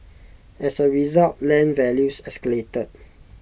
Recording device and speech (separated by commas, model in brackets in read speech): boundary microphone (BM630), read sentence